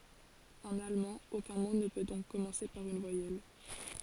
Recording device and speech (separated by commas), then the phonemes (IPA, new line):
forehead accelerometer, read sentence
ɑ̃n almɑ̃ okœ̃ mo nə pø dɔ̃k kɔmɑ̃se paʁ yn vwajɛl